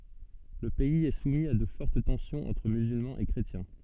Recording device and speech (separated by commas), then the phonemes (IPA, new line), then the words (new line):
soft in-ear microphone, read sentence
lə pɛiz ɛ sumi a də fɔʁt tɑ̃sjɔ̃z ɑ̃tʁ myzylmɑ̃z e kʁetjɛ̃
Le pays est soumis à de fortes tensions entre musulmans et chrétiens.